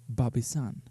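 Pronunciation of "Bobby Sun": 'Bob is on' is said as one sound unit, with the three words run together.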